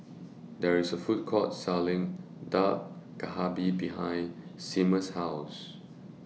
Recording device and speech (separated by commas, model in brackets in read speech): mobile phone (iPhone 6), read sentence